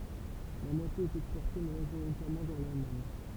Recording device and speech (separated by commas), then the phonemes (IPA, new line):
temple vibration pickup, read sentence
la mwatje ɛt ɛkspɔʁte maʒoʁitɛʁmɑ̃ vɛʁ lalmaɲ